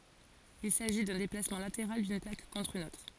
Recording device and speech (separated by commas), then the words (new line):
forehead accelerometer, read sentence
Il s'agit d'un déplacement latéral d'une plaque contre une autre.